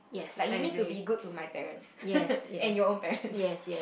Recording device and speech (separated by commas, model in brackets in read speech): boundary microphone, conversation in the same room